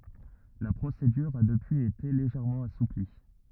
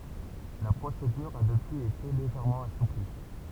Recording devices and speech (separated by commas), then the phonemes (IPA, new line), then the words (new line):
rigid in-ear microphone, temple vibration pickup, read sentence
la pʁosedyʁ a dəpyiz ete leʒɛʁmɑ̃ asupli
La procédure a depuis été légèrement assouplie.